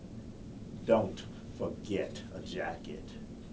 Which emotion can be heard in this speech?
angry